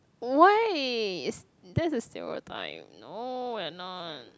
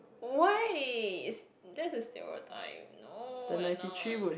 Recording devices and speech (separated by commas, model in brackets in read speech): close-talking microphone, boundary microphone, conversation in the same room